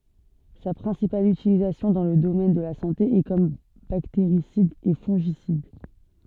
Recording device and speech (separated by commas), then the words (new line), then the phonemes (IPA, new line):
soft in-ear microphone, read sentence
Sa principale utilisation dans le domaine de la santé est comme bactéricide et fongicide.
sa pʁɛ̃sipal ytilizasjɔ̃ dɑ̃ lə domɛn də la sɑ̃te ɛ kɔm bakteʁisid e fɔ̃ʒisid